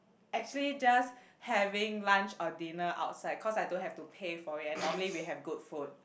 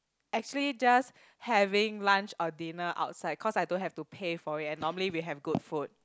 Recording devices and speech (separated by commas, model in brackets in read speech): boundary microphone, close-talking microphone, conversation in the same room